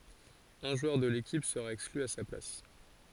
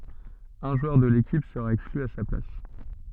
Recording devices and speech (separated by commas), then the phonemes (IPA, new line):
forehead accelerometer, soft in-ear microphone, read sentence
œ̃ ʒwœʁ də lekip səʁa ɛkskly a sa plas